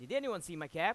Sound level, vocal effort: 98 dB SPL, very loud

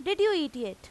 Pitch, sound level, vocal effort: 320 Hz, 94 dB SPL, very loud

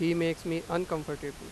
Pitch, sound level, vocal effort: 165 Hz, 92 dB SPL, loud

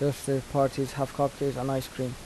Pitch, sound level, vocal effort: 135 Hz, 80 dB SPL, soft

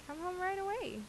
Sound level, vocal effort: 85 dB SPL, normal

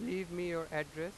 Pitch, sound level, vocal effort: 170 Hz, 95 dB SPL, loud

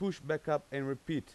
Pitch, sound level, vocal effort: 150 Hz, 90 dB SPL, loud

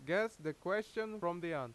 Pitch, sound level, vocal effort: 175 Hz, 92 dB SPL, very loud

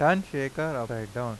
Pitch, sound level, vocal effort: 135 Hz, 89 dB SPL, normal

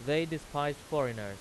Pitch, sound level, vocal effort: 145 Hz, 94 dB SPL, very loud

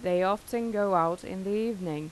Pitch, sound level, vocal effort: 195 Hz, 88 dB SPL, normal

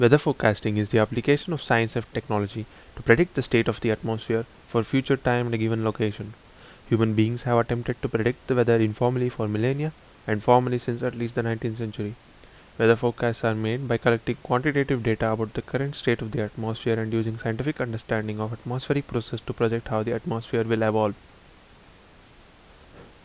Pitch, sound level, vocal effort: 115 Hz, 78 dB SPL, normal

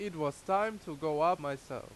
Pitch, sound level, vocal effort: 155 Hz, 92 dB SPL, very loud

